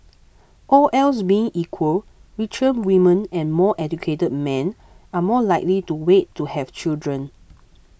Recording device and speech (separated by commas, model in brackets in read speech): boundary microphone (BM630), read sentence